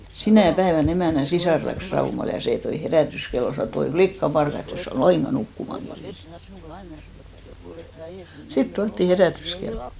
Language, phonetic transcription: Finnish, "sinä̀ 'päevän ‿emä̀n̆nä 'sisàr läks 'Raumal , ja 'sè toi "herä̀tyskello , 'sano et‿ » oi "flikka'parka , et't ‿es sä ol "laiŋɢa 'nukkumaŋ kerjen « , 'sit 'tuattì "herä̀tyskellᴏ .
- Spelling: sinä päivänä emännän sisar lähti Raumalle ja se toi herätyskellon sanoi että oi likkaparka että et sinä ole lainkaan nukkumaan kerinnyt sitten tuotiin herätyskello

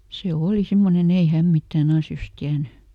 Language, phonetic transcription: Finnish, se ˈooli ˈsimmoneˈn ‿ei "häm ˈmittää"n ‿asjos ˈtiäny .
- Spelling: se oli semmoinen ei hän mitään asioista tiennyt

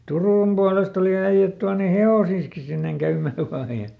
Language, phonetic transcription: Finnish, "Turùm Bualest ‿oli ˈäiʲät tuane "he₍osiiski sinneŋ ˈkäym̆mää ˈvaa ja .
- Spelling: Turun puolesta oli äijät tuoneet hevosiansakin sinne käymään vain ja

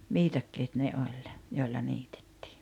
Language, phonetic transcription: Finnish, 'viitakkeet ne 'oĺ , 'joilla 'niitᴇttɪɪ .
- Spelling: viikatteet ne oli joilla niitettiin

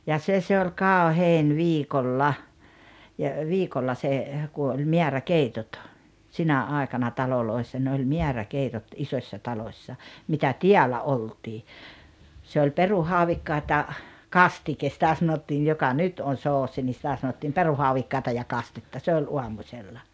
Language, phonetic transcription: Finnish, ja "se 'se oĺ "kàohèin "viikolla , ja , 'viikolla 'se , ku oĺ "me̬ärä'keitot , "sinä "àekana 'taloloissa ne oĺ 'miäräkeitot "isośśa 'talossa , mitä "tiälä "oltii , se oĺ 'peruhauvikkaat ja , "kastikes sⁱtä sanottiij joka "nyt on̬ 'soosi ni sⁱtä sanottiim "peruhauvikkàeta ja 'kastetta se oĺ 'uamuśella .
- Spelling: ja se se oli kauhein viikolla ja viikolla se kun oli määräkeitot sinä aikana taloissa ne oli määräkeitot isossa talossa mitä täällä oltiin se oli perunahaudikkaat ja kastike sitä sanottiin joka nyt on soosi niin sitä sanottiin perunahaudikkaita ja kastetta se oli aamusella

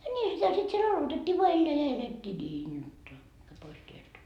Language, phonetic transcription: Finnish, ńiihä sitä sit siel 'alotet́t́ii voa 'elleä ja 'elet́t́ii "niin 'jotta , mää 'pois tieltä .
- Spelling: niinhän sitä sitten siellä aloitettiin vain elää ja elettiin niin jotta mene pois tieltä

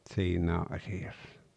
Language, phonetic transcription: Finnish, 'ᵗsiinää 'asi₍assᴀ .
- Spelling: siinä asiassa

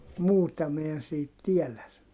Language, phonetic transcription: Finnish, muuta mi en siit tielä ‿s- .
- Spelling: muuta minä en siitä tiedä -

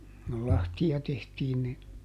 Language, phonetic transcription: Finnish, kul ˈlahti₍a ˈtehtiin ni ,.
- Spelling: kun lahtia tehtiin niin

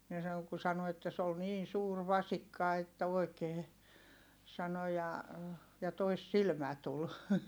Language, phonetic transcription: Finnish, (nii sano) ku sano että » se ol niin̬ suur vasikka että oi̮kee » , sano » ja , ja toissilmä tul .
- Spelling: niin sanoi kun sanoi että se oli niin suuri vasikka että oikein sanoi ja ja toissilmä tuli

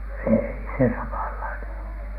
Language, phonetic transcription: Finnish, èi se 'samallainen ollu .
- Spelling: ei se samanlainen ollut

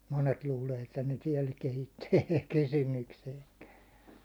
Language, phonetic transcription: Finnish, 'monet 'luulee että ne 'tiɛl 'kehittyy ei tuk "kysymykseeŋkää .
- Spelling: monet luulee että ne täällä kehittyy ei tule kysymykseenkään

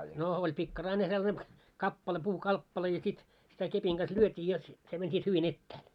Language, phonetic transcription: Finnish, no , oĺ 'pikkaraine sellane , 'kappale puu'kalppale ja sit , sitä 'kepiŋ ɢas 'lyöt́ii jot , se mäń sit hyvi'n ‿ettᴀ̈ᴀ̈l .
- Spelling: no oli pikkarainen sellainen kappale puukappale ja sitten sitä kepin kanssa lyötiin jotta se meni sitten hyvin etäälle

